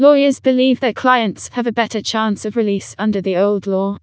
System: TTS, vocoder